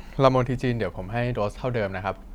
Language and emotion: Thai, neutral